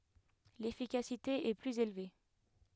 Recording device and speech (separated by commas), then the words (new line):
headset microphone, read sentence
L'efficacité est plus élevée.